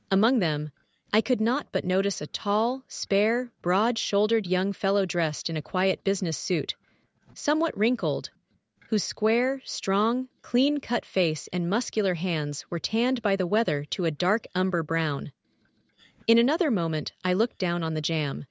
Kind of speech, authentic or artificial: artificial